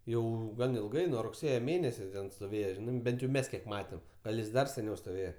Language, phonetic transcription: Lithuanian, ˈjau ˈgan ilˈgai nuo rugˈsėje ˈmėnese ˈten stoˈvėje ˈžinai ˈbent jau ˈmes ˈkiek ˈmatem ˈgal jis ˈdar seˈniau stoˈvėje

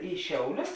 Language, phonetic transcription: Lithuanian, į ˈšiauˌlius

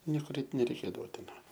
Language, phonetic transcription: Lithuanian, ˈniekur ˈeit nereiˈkėdavo ˈtai ˈva

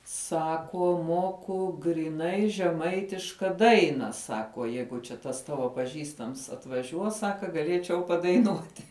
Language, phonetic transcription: Lithuanian, ˈsakuo ˈmuoku gryˈnai žeˈmaitiška ˈdaina ˈsakuo ˈjeigu čia ˈtas ˈtavo paˈžįstams atvaˈžiuos ˈsaka gaˈlėčiau padaiˈnuoti

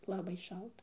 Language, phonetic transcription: Lithuanian, laˈbai ˈšalta

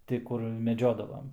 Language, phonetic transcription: Lithuanian, ˈti ˈkur meˈdžiodavam

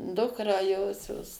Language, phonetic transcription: Lithuanian, ˈdukrą ˈjosios

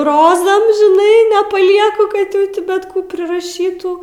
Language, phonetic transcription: Lithuanian, ˈrozam žiˈnai nepaˈlieku kad ˈjau ti ˈbet ˈkų priraˈšytų

